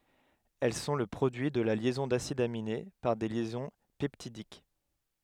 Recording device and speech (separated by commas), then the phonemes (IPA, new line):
headset microphone, read sentence
ɛl sɔ̃ lə pʁodyi də la ljɛzɔ̃ dasidz amine paʁ de ljɛzɔ̃ pɛptidik